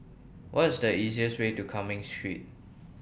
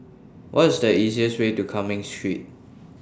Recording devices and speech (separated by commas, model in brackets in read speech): boundary microphone (BM630), standing microphone (AKG C214), read sentence